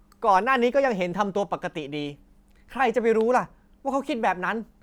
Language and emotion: Thai, angry